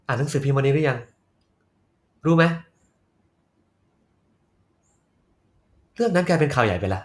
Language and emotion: Thai, frustrated